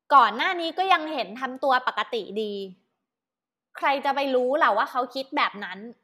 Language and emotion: Thai, angry